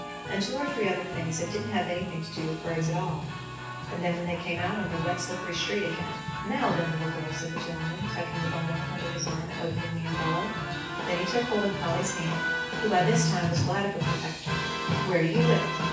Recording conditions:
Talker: one person; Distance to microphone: 9.8 m; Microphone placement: far; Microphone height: 1.8 m; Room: large; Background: music

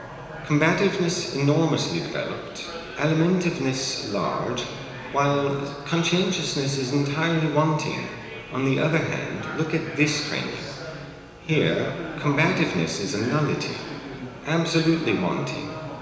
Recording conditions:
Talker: one person; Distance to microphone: 1.7 m; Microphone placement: close; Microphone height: 1.0 m; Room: very reverberant, large; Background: babble

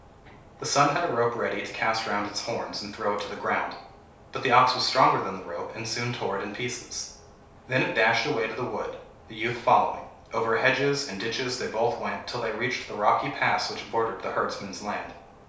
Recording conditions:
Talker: one person; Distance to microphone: 3.0 m; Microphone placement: far; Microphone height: 1.8 m; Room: small (3.7 m by 2.7 m); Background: none

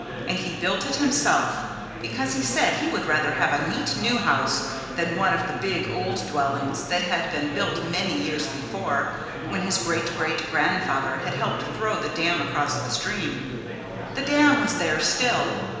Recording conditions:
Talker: one person; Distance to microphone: 1.7 m; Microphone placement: close; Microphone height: 1.0 m; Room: very reverberant, large; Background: babble

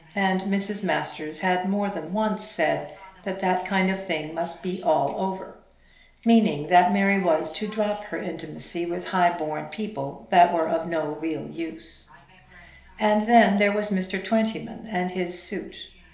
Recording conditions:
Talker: one person; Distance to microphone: 1.0 m; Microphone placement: close; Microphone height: 1.1 m; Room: small (3.7 m by 2.7 m); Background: television

